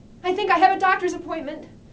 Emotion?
fearful